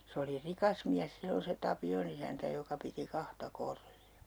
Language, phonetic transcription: Finnish, 'se oli "rikas miäs 'sillon se 'Tapi₍on ‿isäntä joka 'piti "kahta "Korri₍a .
- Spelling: se oli rikas mies silloin se Tapion isäntä joka piti kahta Korria

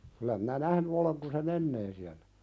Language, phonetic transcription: Finnish, kylä minä "nähny oleŋ kun se "mennee siällä .
- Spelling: kyllä minä nähnyt olen kun se menee siellä

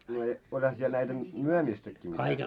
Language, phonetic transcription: Finnish, ne , oĺha siel näitä , 'myömistäkki mitä .
- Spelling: ne olihan siellä näitä myymistäkin mitä

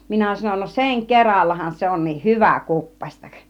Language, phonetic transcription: Finnish, 'minä sanon » no "seŋ 'kerallahan se on̆nih "hyvä̀ 'kuppaśtak « .
- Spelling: minä sanoin no sen kerallahan se onkin hyvä kuppasta

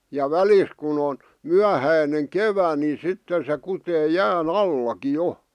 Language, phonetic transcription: Finnish, ja "välis kun ‿on , 'myähäineŋ "kevä ni 'sitten se kutee "jää"n ‿allaki 'jo .
- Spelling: ja välistä kun on myöhäinen kevät niin sitten se kutee jään allakin jo

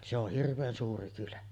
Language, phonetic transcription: Finnish, se ‿oh "hirv̆veen 'suuri kylä .
- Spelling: se on hirveän suuri kylä

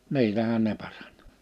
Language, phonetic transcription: Finnish, 'ni̬ilähän ne 'paʀᴀɴ́ .
- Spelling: niillähän ne parani

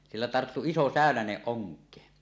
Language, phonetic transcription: Finnish, 'sillä 'tarttu "iso "sä̀önäneˀ "ˀoŋk̀ee .
- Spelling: sillä tarttui iso säynänen onkeen

